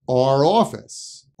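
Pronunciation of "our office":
'Our' is pronounced like the letter R, and its r sound connects to 'office'.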